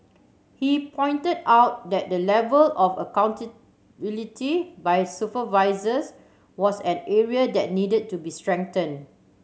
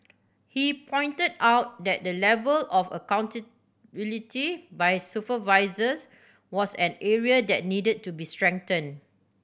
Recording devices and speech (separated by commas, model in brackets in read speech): mobile phone (Samsung C7100), boundary microphone (BM630), read sentence